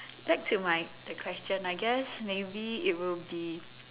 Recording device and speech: telephone, conversation in separate rooms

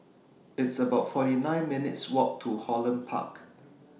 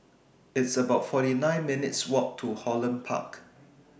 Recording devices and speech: mobile phone (iPhone 6), boundary microphone (BM630), read sentence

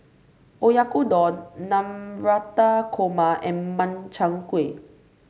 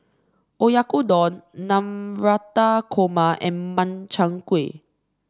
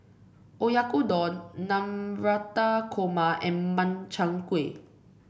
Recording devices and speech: mobile phone (Samsung C5), standing microphone (AKG C214), boundary microphone (BM630), read sentence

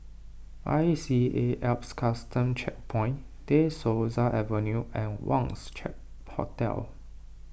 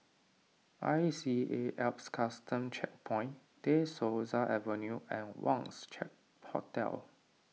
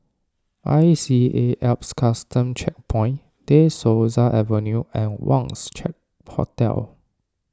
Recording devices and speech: boundary microphone (BM630), mobile phone (iPhone 6), standing microphone (AKG C214), read sentence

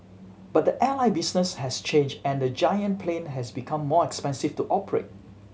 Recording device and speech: mobile phone (Samsung C7100), read sentence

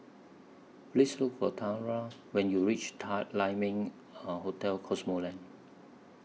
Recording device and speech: mobile phone (iPhone 6), read sentence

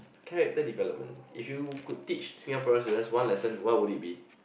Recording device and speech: boundary microphone, conversation in the same room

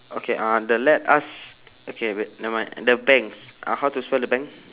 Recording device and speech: telephone, conversation in separate rooms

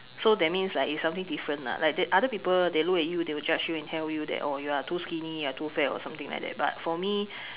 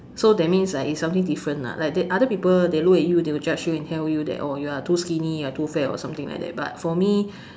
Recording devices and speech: telephone, standing microphone, conversation in separate rooms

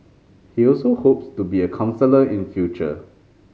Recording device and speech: mobile phone (Samsung C5010), read sentence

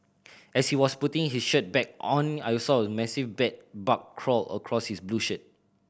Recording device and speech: boundary microphone (BM630), read sentence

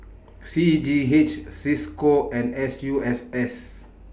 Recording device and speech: boundary microphone (BM630), read sentence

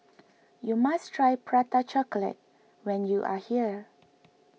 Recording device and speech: mobile phone (iPhone 6), read sentence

